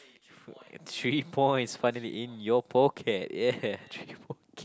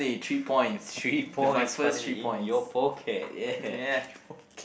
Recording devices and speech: close-talking microphone, boundary microphone, conversation in the same room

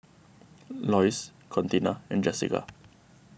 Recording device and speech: boundary microphone (BM630), read sentence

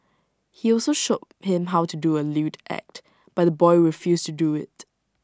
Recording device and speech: standing microphone (AKG C214), read sentence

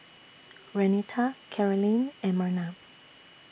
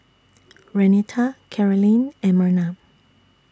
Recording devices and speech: boundary microphone (BM630), standing microphone (AKG C214), read sentence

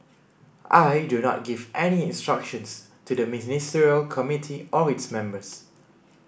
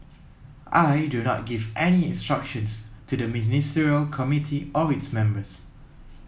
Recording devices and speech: boundary microphone (BM630), mobile phone (iPhone 7), read sentence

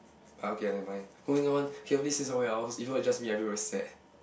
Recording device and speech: boundary microphone, conversation in the same room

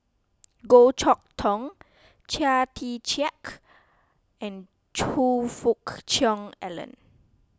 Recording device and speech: close-talking microphone (WH20), read sentence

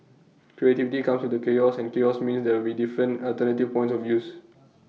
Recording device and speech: mobile phone (iPhone 6), read sentence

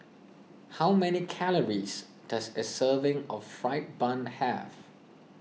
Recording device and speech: mobile phone (iPhone 6), read sentence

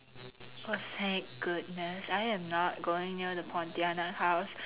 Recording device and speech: telephone, conversation in separate rooms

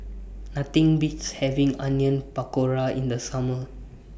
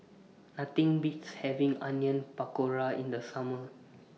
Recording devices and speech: boundary microphone (BM630), mobile phone (iPhone 6), read sentence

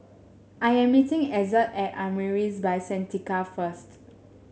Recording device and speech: mobile phone (Samsung S8), read sentence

